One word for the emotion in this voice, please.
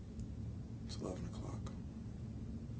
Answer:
neutral